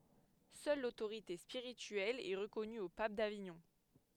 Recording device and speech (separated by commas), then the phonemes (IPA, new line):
headset microphone, read sentence
sœl lotoʁite spiʁityɛl ɛ ʁəkɔny o pap daviɲɔ̃